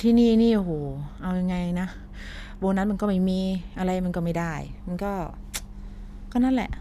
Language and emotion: Thai, frustrated